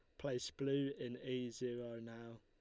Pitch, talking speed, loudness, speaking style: 125 Hz, 165 wpm, -43 LUFS, Lombard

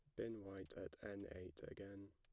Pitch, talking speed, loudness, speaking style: 100 Hz, 190 wpm, -53 LUFS, plain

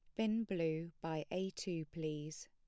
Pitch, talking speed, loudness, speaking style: 165 Hz, 160 wpm, -41 LUFS, plain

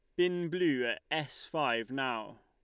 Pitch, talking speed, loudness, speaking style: 150 Hz, 160 wpm, -33 LUFS, Lombard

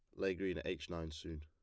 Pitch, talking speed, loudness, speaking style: 85 Hz, 295 wpm, -42 LUFS, plain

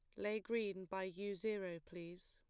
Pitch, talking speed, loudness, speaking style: 195 Hz, 170 wpm, -44 LUFS, plain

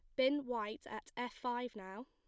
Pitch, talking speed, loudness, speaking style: 245 Hz, 195 wpm, -40 LUFS, plain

